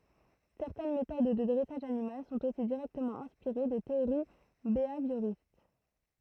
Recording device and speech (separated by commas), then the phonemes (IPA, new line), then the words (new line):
throat microphone, read sentence
sɛʁtɛn metod də dʁɛsaʒ animal sɔ̃t osi diʁɛktəmɑ̃ ɛ̃spiʁe de teoʁi beavjoʁist
Certaines méthodes de dressage animal sont aussi directement inspirées des théories béhavioristes.